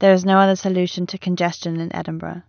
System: none